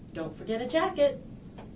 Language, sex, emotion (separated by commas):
English, female, happy